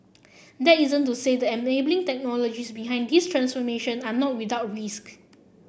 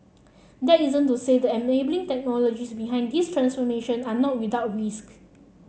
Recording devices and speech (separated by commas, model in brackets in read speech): boundary microphone (BM630), mobile phone (Samsung C7), read sentence